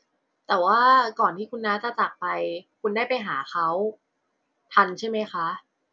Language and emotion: Thai, neutral